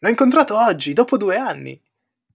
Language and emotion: Italian, surprised